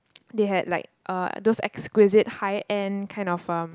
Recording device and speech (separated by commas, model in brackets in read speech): close-talking microphone, conversation in the same room